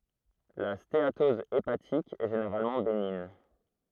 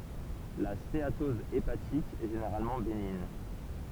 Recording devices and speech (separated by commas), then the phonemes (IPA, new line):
throat microphone, temple vibration pickup, read sentence
la steatɔz epatik ɛ ʒeneʁalmɑ̃ beniɲ